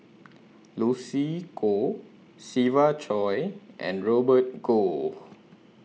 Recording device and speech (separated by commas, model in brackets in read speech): mobile phone (iPhone 6), read sentence